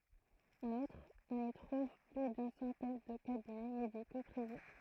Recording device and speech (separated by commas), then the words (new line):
throat microphone, read sentence
En outre, on y trouve plus d'une centaine de cabinets médicaux privés.